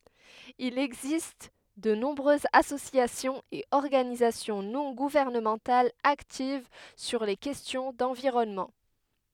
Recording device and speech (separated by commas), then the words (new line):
headset microphone, read sentence
Il existe de nombreuses associations et organisations non gouvernementales actives sur les questions d'environnement.